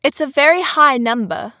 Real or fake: real